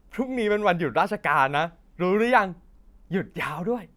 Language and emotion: Thai, happy